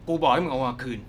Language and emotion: Thai, angry